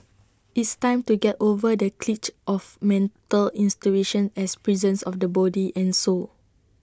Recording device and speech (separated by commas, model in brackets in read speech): standing microphone (AKG C214), read sentence